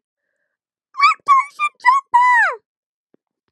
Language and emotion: English, neutral